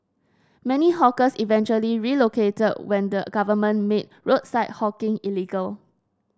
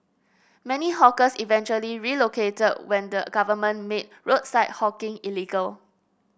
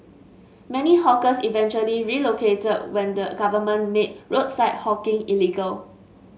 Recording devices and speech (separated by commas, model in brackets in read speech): standing microphone (AKG C214), boundary microphone (BM630), mobile phone (Samsung S8), read sentence